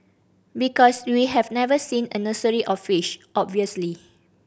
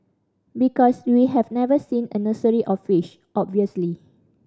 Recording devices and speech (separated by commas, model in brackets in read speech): boundary microphone (BM630), standing microphone (AKG C214), read sentence